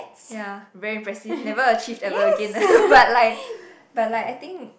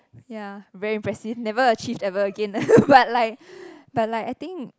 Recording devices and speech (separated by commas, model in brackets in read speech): boundary microphone, close-talking microphone, conversation in the same room